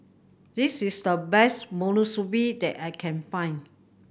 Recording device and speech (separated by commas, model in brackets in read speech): boundary microphone (BM630), read sentence